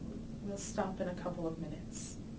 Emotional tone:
neutral